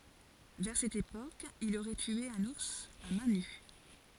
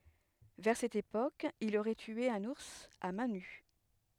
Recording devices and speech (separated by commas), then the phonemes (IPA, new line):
forehead accelerometer, headset microphone, read sentence
vɛʁ sɛt epok il oʁɛ tye œ̃n uʁs a mɛ̃ ny